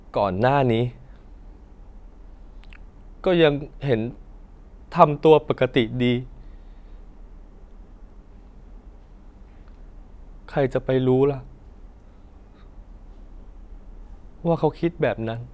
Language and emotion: Thai, sad